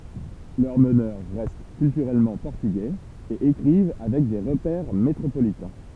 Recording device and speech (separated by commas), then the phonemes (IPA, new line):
temple vibration pickup, read sentence
lœʁ mənœʁ ʁɛst kyltyʁɛlmɑ̃ pɔʁtyɡɛz e ekʁiv avɛk de ʁəpɛʁ metʁopolitɛ̃